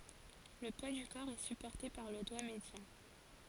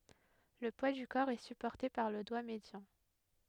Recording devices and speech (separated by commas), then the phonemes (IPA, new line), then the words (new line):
forehead accelerometer, headset microphone, read sentence
lə pwa dy kɔʁ ɛ sypɔʁte paʁ lə dwa medjɑ̃
Le poids du corps est supporté par le doigt médian.